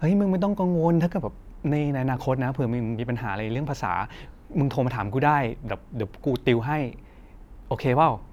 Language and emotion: Thai, neutral